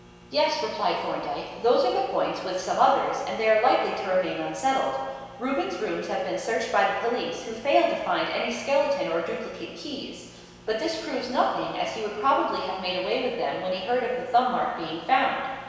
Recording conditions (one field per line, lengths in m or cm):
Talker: one person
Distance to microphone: 1.7 m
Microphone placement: close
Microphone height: 1.0 m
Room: very reverberant, large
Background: none